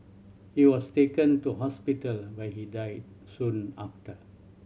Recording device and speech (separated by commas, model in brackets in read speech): mobile phone (Samsung C7100), read sentence